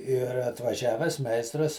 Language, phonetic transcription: Lithuanian, ir atvaˈžiaves ˈmeistras

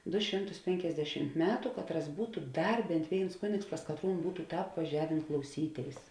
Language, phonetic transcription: Lithuanian, ˈdu ˈšimˌtus ˈpenkiasdešimt ˈmetu ˈkatˌras ˈbūtu ˈdar ˈbent ˈvėins ˈkunėgs pas katˈrūn ˈbūtu ˈtāp vaˈžiavėn klauˈsyˌtėis

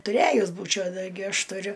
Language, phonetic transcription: Lithuanian, tuˈræjus ˈbūčiau taiˈgi ˈaš tuˈriu

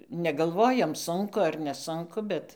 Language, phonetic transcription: Lithuanian, negalˈvojom ˈsunku ar neˈsunku ˈbet

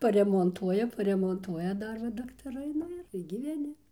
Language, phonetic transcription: Lithuanian, paremonˈtuoja paremonˈtuoja ˈdar va daktaˈrai ˈnu ir gyveˈni

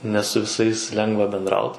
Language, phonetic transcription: Lithuanian, ne su viˈsais ˈlengva benˈdraut

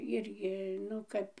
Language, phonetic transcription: Lithuanian, ˈirgi ˈnu kap

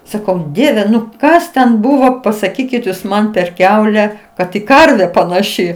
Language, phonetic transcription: Lithuanian, ˈsakau ˈdieve nu ˈkas ten ˈbuvo pasaˈkykit jūs ˈman per ˈkiaule ˈkad i ˈkarve panaˈši

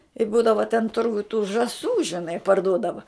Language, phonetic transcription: Lithuanian, i ˈbūdava ten ˈturguj tų žaˈsų žiˈnai parˈduodava

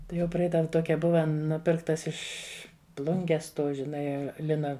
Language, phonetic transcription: Lithuanian, ˈtai jau ˈpraidav ˈtokia ˈbuva ˈnupirktas ˈiš' ˈplunges ˈtų žiˈnai ˈlina

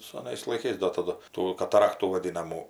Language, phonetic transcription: Lithuanian, saˈnais laiˈkais do taˈdu ˈtų kataˈraktų vaˈdinamų

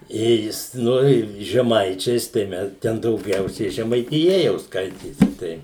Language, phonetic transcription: Lithuanian, ˈjei jis noˈrėjum žeˈmaičiais ˈtai mes ten dauˈgiausiai žemaitiˈja jau ˈskaitėsi ˈtai

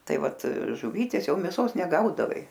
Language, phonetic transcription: Lithuanian, ˈtai ˈvat žuˈvytės ˈjau mėˈsos neˈgaudavai

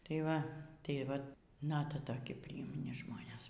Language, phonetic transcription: Lithuanian, tai ˈva tai ˈva ˈnata toˈki prijimˈni ˈžmonės

